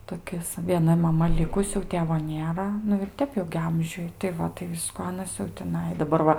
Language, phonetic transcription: Lithuanian, toˈkis vieˈna maˈma ˈlikus jau ˈtėvo ˈnėra nu ir ˈtep jau gi ˈamžiuj tai ˈva tai ˈvisku ˈanas jau tiˈnai daˈbar va

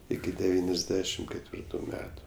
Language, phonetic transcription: Lithuanian, ˈiki deˈvyniasˌdešim ketˈvirtu ˈmetu

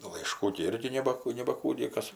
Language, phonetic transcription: Lithuanian, laiˈškų gi ˈirgi ˈneba nebaˈkų ˈniekas

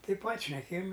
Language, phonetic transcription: Lithuanian, tai pat' šneˈkėjim

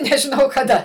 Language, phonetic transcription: Lithuanian, nežiˈnau kaˈda

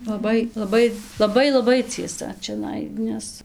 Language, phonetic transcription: Lithuanian, laˈbai laˈbai laˈbai laˈbai cieˈsa čiaˈnai ˈnes

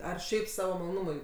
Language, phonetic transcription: Lithuanian, ˈar ˈšiaip ˈsavo maloˈnumui

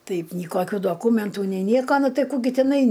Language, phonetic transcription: Lithuanian, ˈtaip ny ˈkokiu doˈkūmentų nei ˈnieko ˈnu ˈtai ˈkų ˈgi tiˈnai

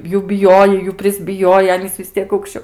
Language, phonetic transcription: Lithuanian, ˈjų biˈjojai ˈjų prisbiˈjojai ˈanys vis ˈtiek aukšˈčio

